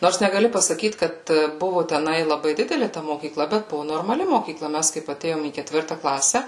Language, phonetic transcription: Lithuanian, ˈnors negaˈli pasaˈkyt ˈkad ˈbuvo teˈnai laˈbai ˈdideli ta mokyˈkla bet ˈbuvu normaˈli mokyˈkla ˈmes kaip aˈtėjom į keˈtvirta ˈklase

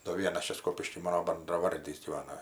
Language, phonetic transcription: Lithuanian, do ˈvienas ˈčia ˈskopišky ˈmano bandraˈvardys gyˈvana

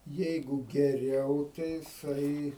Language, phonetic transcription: Lithuanian, ˈjeigu geˈriau tai jiˈsai

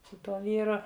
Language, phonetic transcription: Lithuanian, su ˈtuo ˈvyru

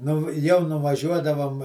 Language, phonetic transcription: Lithuanian, ˈnu jau nuvaˈžiuodavom

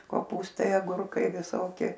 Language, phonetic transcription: Lithuanian, koˈpūstai aˈgurkai viˈsoki

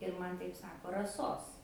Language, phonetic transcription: Lithuanian, ir ˈman ˈtaip ˈsako raˈsos

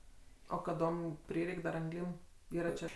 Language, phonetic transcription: Lithuanian, o kaˈdom ˈprireik' dar anˈglym ˈyra čia

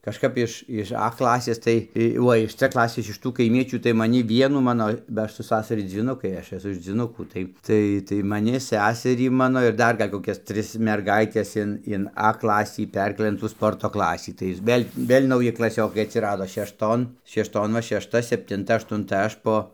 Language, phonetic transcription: Lithuanian, kažˈkap iš iž a ˈklasės ˈtai tai ˈuo iš c ˈklasės iš ˈtų kaiˈmiečių tai maˈni ˈvienų ˈmano ba ˈaš su ˈsasari dzyˈnukai ˈaš eˈsu iš dzvyˈnukų tai ˈtai tai maˈni ˈseserį ˈmano ir ˈdar ˈgal' koˈkias ˈtris merˈgaites in in a ˈklasį ˈperkėlɘ in tų ˈsporto ˈklasį tai ir ˈvėl' ˈvėl' nauˈji klaˈsiokai atsiˈrado šešˈton šešˈton va šešˈta septinˈta aštunˈta ˈaš po

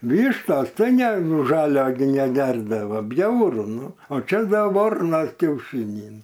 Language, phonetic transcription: Lithuanian, ˈvyštas ˈtai nie nu ˈžalio gi neˈgerdavo ˈbjauru ˈnu o ˈčia ˈda ˈvarnas kiauˈšynį

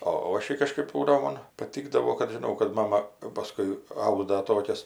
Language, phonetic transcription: Lithuanian, o ˈošei kažˈkɜp ˈbūdavo ˈmon paˈtykdavo kad ˈžinau kad ˈmama jau paˈskui ˈauda ˈtokias

